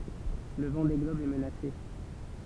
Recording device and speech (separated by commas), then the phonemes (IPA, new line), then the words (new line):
temple vibration pickup, read sentence
lə vɑ̃de ɡlɔb ɛ mənase
Le Vendée globe est menacé.